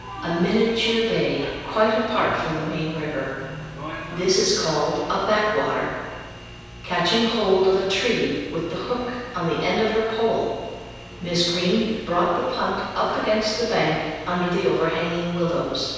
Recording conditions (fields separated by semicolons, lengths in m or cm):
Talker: one person; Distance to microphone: 7.1 m; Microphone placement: far; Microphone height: 1.7 m; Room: very reverberant, large; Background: television